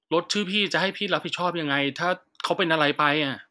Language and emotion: Thai, frustrated